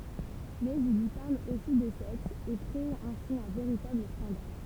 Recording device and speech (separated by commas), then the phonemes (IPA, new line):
temple vibration pickup, read sentence
mɛz il i paʁl osi də sɛks e kʁe ɛ̃si œ̃ veʁitabl skɑ̃dal